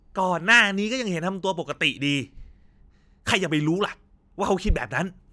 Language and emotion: Thai, angry